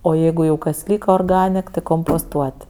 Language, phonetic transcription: Lithuanian, o ˈjeigu jau kas ˈlyka orˈganek ti komposˈtuot'

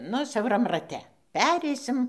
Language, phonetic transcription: Lithuanian, ˈnu siauˈram raˈte ˈpereisim

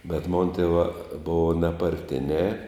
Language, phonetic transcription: Lithuanian, bet mon tėˈvā ˈbova neparˈtinē

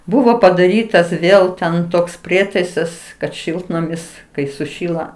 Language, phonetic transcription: Lithuanian, ˈbuvo padaˈrytas ˈvėl ten ˈtoks ˈprietaisas kad ˈšiltnamis ˈkai suˈšyla

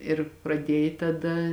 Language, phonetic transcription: Lithuanian, ir praˈdiej taˈda

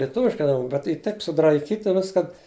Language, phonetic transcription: Lithuanian, lieˈtuviškai aˈnon bet ˈy ˈtaip sudraiˈkyti ˈviskan

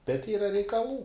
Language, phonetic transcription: Lithuanian, bet ˈyra reikaˈlų

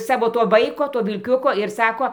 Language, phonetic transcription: Lithuanian, ˈsavo ˈto ˈvaiko ˈto vilˈkiuko ir ˈsako

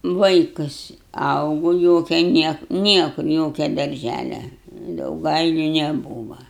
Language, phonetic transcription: Lithuanian, ˈvaikus ˈaugo ˈjokia ˈniek ˈniekur ˈjokia darˈžælia dauˈgailiu neˈbūva

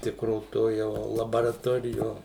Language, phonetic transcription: Lithuanian, ˈtikro ˈto jau labaraˈtorijo

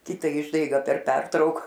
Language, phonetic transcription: Lithuanian, ˈkita ˈišdaiga per ˈpertrauk

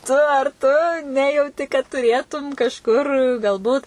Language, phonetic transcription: Lithuanian, ˈtu ar tu ˈnejauti kad tuˈrėtum kažˈkur galˈbūt

